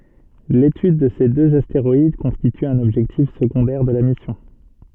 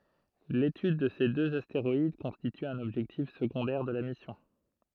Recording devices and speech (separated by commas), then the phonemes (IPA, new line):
soft in-ear microphone, throat microphone, read sentence
letyd də se døz asteʁɔid kɔ̃stity œ̃n ɔbʒɛktif səɡɔ̃dɛʁ də la misjɔ̃